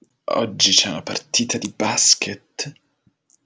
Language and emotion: Italian, disgusted